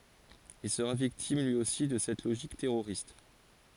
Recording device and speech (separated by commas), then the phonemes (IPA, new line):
forehead accelerometer, read sentence
il səʁa viktim lyi osi də sɛt loʒik tɛʁoʁist